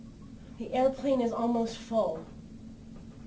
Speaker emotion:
neutral